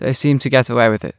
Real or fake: real